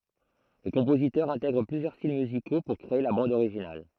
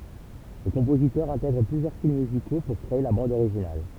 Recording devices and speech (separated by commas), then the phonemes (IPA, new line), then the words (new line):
throat microphone, temple vibration pickup, read sentence
lə kɔ̃pozitœʁ ɛ̃tɛɡʁ plyzjœʁ stil myziko puʁ kʁee la bɑ̃d oʁiʒinal
Le compositeur intègre plusieurs styles musicaux pour créer la bande originale.